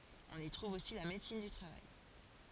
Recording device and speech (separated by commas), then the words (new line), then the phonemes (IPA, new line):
forehead accelerometer, read sentence
On y trouve aussi la médecine du travail.
ɔ̃n i tʁuv osi la medəsin dy tʁavaj